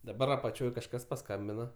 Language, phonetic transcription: Lithuanian, daˈbar apaˈčioj kažˈkas paˈskambina

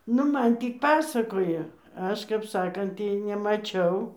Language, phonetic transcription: Lithuanian, ˈnu ˈman ˈtį ˈpasakoja ˈaš kap ˈsakant ˈtį nemaˈčiau

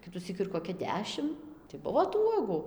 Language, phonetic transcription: Lithuanian, ˈkitusyk ir koˈkia ˈdešim tai ˈbuvo tų ˈuogu

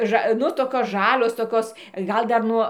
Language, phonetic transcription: Lithuanian, ˈža ˈnu toˈkios ˈžalios toˈkios ˈgal dar ˈnuo

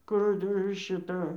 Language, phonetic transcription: Lithuanian, ˈkur ir šiˈta

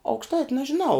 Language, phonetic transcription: Lithuanian, aukšˈtait' nažiˈnau

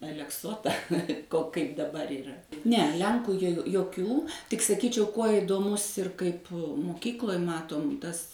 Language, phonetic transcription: Lithuanian, alekˈsota ko kaip daˈbar yˈra ne ˈlenkų jo joˈkių tik saˈkyčiau ˈkuo idoˈmus ir ˈkaip muˈkykloj ˈmatom ˈtas

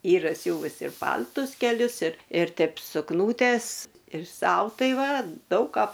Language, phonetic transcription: Lithuanian, ˈyra ˈsiūvus ir ˈpal'tus keˈlius ir ir ˈteip sukˈnūtes ir ˈsau ˈtai ˈva ˈdaug ˈką

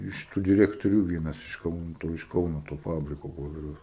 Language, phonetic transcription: Lithuanian, iš ˈtų direktoˈrių ˈvienas iš ˈkauno ˈto iš ˈkauno to ˈfabriko ˈpoperiaus

